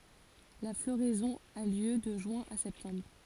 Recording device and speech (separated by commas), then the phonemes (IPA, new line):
forehead accelerometer, read sentence
la floʁɛzɔ̃ a ljø də ʒyɛ̃ a sɛptɑ̃bʁ